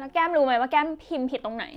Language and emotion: Thai, frustrated